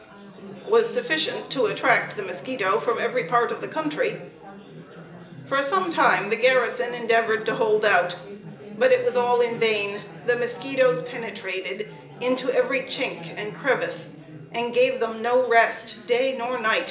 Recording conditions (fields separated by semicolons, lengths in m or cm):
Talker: one person; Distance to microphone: 1.8 m; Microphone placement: close; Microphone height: 1.0 m; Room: large; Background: babble